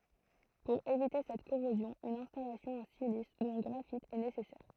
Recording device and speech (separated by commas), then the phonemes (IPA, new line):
throat microphone, read sentence
puʁ evite sɛt koʁozjɔ̃ yn ɛ̃stalasjɔ̃ ɑ̃ silis u ɑ̃ ɡʁafit ɛ nesɛsɛʁ